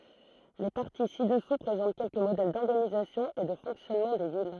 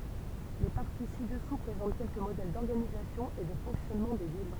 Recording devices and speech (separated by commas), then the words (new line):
throat microphone, temple vibration pickup, read sentence
Les parties ci-dessous présentent quelques modèles d'organisation et de fonctionnement des villes.